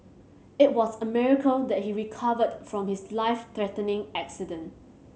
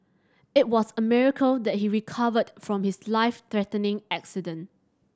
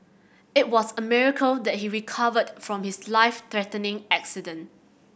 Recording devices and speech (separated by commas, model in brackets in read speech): mobile phone (Samsung C7100), standing microphone (AKG C214), boundary microphone (BM630), read sentence